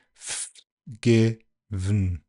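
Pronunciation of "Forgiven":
In 'Forgiven' no schwa is heard: the only vowel sound is the i in the middle, and there is no vowel in 'for' or in 'ven'.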